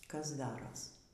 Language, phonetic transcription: Lithuanian, ˈkas ˈdaros

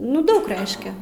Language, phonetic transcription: Lithuanian, ˈnu ˈdaug ˈreiškia

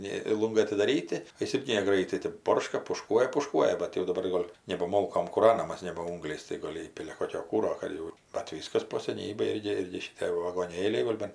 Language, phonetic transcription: Lithuanian, ˈnė ˈlungai atidaˈryti o ˈjis ˈirgi neˈgraitai tɜp ˈborška puˈškuoja puˈškuoja bat jau daˈbar ˈgol' neba ˈmolkom kūˈranamas neba ˈungliais tai ˈgol' ˈįpilia ˈkokio ˈkūro ˈkad jau bat ˈvyskas po seˈnybėj ˈirgi ˈirgi šiˈtė vagoˈnėliai ˈgol' ban

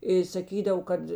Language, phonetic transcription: Lithuanian, i saˈkydav ˈkad

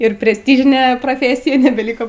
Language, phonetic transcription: Lithuanian, ir presˈtyžine proˈfėsija nebelˈyko

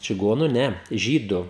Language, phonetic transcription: Lithuanian, čiˈgonu ˈne ˈžydu

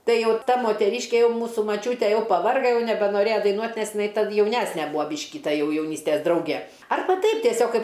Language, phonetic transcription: Lithuanian, ˈtai ˈjau ˈta moteˈryške ˈjau ˈmūsų maˈčiūte ˈjau paˈvarga ˈjau nebenoˈrėja daiˈnuot' nes jiˈnai tad jauˈnesne ˈbūa ˈbyški ˈta ˈjau jauˈnystes ˈdrauge ˈarba ˈteip tieˈsiog ˈkaip

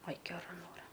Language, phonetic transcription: Lithuanian, aj geˈra ˈnora

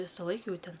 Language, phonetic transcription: Lithuanian, ˈvisaˌlaik ˈjau ˈten

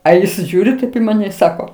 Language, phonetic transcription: Lithuanian, a ˈjis ˈžiūri taip i maˈne i ˈsako

